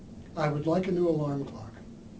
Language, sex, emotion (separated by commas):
English, male, neutral